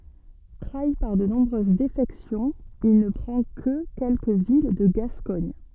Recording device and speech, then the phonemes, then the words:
soft in-ear microphone, read sentence
tʁai paʁ də nɔ̃bʁøz defɛksjɔ̃z il nə pʁɑ̃ kə kɛlkə vil də ɡaskɔɲ
Trahi par de nombreuses défections, il ne prend que quelques villes de Gascogne.

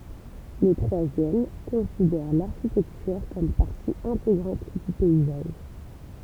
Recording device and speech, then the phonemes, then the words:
temple vibration pickup, read sentence
lə tʁwazjɛm kɔ̃sidɛʁ laʁʃitɛktyʁ kɔm paʁti ɛ̃teɡʁɑ̃t dy pɛizaʒ
Le troisième considère l’architecture comme partie intégrante du paysage.

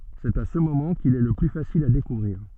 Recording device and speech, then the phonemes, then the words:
soft in-ear microphone, read sentence
sɛt a sə momɑ̃ kil ɛ lə ply fasil a dekuvʁiʁ
C'est à ce moment qu'il est le plus facile à découvrir.

